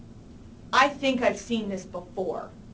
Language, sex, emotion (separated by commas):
English, female, disgusted